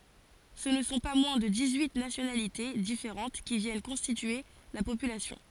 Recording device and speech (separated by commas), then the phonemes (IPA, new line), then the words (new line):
forehead accelerometer, read sentence
sə nə sɔ̃ pa mwɛ̃ də dis yi nasjonalite difeʁɑ̃t ki vjɛn kɔ̃stitye la popylasjɔ̃
Ce ne sont pas moins de dix-huit nationalités différentes qui viennent constituer la population.